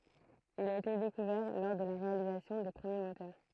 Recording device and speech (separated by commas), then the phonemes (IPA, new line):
throat microphone, read sentence
il a ete dekuvɛʁ lɔʁ də la ʁealizasjɔ̃ de pʁəmje motœʁ